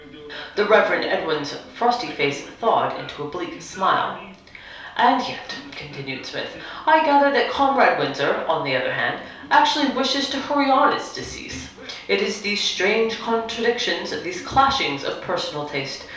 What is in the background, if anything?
A television.